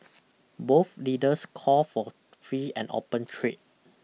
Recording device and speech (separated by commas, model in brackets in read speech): mobile phone (iPhone 6), read sentence